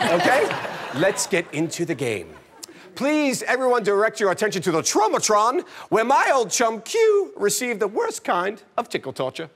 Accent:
High-pitched British accent